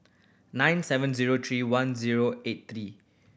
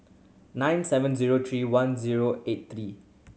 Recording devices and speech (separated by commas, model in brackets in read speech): boundary microphone (BM630), mobile phone (Samsung C7100), read sentence